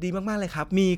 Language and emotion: Thai, neutral